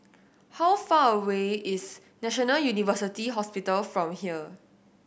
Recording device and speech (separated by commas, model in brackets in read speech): boundary microphone (BM630), read sentence